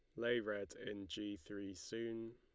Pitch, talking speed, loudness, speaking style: 105 Hz, 170 wpm, -45 LUFS, Lombard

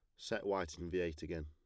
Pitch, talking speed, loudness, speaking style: 90 Hz, 290 wpm, -41 LUFS, plain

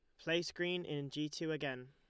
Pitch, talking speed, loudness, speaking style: 150 Hz, 210 wpm, -40 LUFS, Lombard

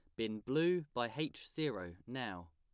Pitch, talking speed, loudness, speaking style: 120 Hz, 155 wpm, -39 LUFS, plain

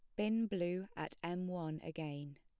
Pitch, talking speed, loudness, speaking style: 175 Hz, 165 wpm, -41 LUFS, plain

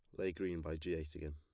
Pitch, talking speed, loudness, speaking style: 80 Hz, 315 wpm, -42 LUFS, plain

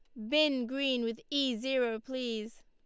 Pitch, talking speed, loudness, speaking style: 255 Hz, 155 wpm, -32 LUFS, Lombard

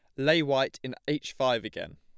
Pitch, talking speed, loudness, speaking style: 135 Hz, 205 wpm, -28 LUFS, plain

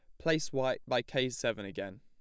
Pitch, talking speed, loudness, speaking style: 130 Hz, 200 wpm, -34 LUFS, plain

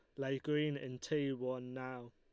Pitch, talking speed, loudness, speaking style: 130 Hz, 190 wpm, -39 LUFS, Lombard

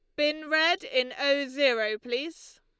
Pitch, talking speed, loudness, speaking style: 295 Hz, 150 wpm, -26 LUFS, Lombard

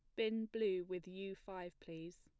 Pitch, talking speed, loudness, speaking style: 185 Hz, 180 wpm, -44 LUFS, plain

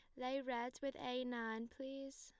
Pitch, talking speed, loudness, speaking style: 255 Hz, 180 wpm, -45 LUFS, plain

